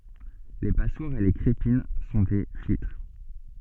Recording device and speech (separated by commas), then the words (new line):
soft in-ear microphone, read sentence
Les passoires et les crépines sont des filtres.